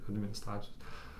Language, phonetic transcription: Lithuanian, adminiˈstracijos

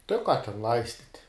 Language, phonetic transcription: Lithuanian, tai u ˈką ten ˈlaistit'

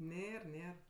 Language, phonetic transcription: Lithuanian, ˈnėr ˈnėr

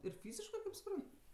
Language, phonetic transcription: Lithuanian, ir ˈfyziškɜ kaip suˈpran

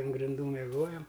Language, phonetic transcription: Lithuanian, an grinˈdų meˈgojam

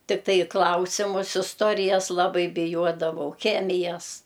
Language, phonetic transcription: Lithuanian, tikˈtai i ˈklausimus isˈtorijas laˈbai biˈjuodavau ˈchemijas

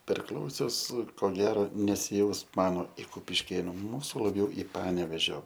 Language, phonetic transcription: Lithuanian, perˈklausius ko ˈgero nesiˈjaus ˈmano ir kupišˈkėnu ˈmūsu laˈbjau i ˈpanevėžio

